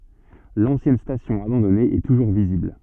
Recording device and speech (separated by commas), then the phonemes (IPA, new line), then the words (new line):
soft in-ear microphone, read sentence
lɑ̃sjɛn stasjɔ̃ abɑ̃dɔne ɛ tuʒuʁ vizibl
L'ancienne station abandonnée est toujours visible.